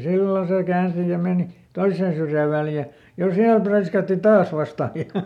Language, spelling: Finnish, silloin se käänsi ja meni toiseen syrjään Väljään ja siellä präiskäytti taas vasta ja
- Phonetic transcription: "sillòn sè ˈkäänsi ja ˈmèni , "toisseen syrjä̀ ˈVäljä , ja ˈsiäl präiskäätti "taas ˈvastà ja ,.

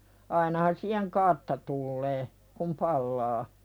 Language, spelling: Finnish, ainahan siihen kartta tulee kun palaa
- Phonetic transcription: 'ainahan siiheŋ "kartta tullee , kum "pallaa .

